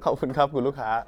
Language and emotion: Thai, neutral